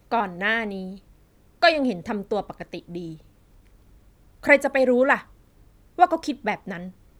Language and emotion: Thai, frustrated